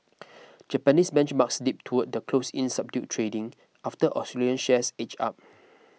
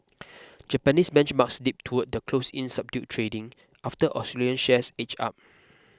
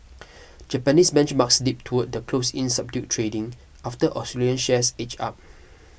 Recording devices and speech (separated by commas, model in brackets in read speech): mobile phone (iPhone 6), close-talking microphone (WH20), boundary microphone (BM630), read sentence